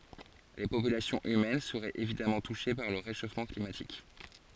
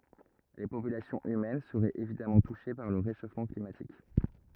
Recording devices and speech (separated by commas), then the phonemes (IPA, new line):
forehead accelerometer, rigid in-ear microphone, read sentence
le popylasjɔ̃z ymɛn səʁɛt evidamɑ̃ tuʃe paʁ lə ʁeʃofmɑ̃ klimatik